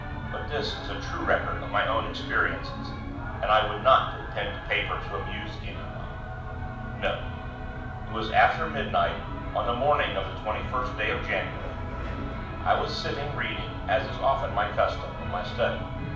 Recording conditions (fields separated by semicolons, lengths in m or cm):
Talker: one person; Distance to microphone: 5.8 m; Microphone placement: far; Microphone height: 1.8 m; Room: medium-sized (5.7 m by 4.0 m); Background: television